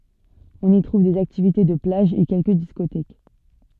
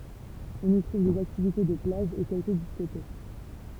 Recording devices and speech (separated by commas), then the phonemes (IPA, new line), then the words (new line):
soft in-ear microphone, temple vibration pickup, read sentence
ɔ̃n i tʁuv dez aktivite də plaʒ e kɛlkə diskotɛk
On y trouve des activités de plage et quelques discothèques.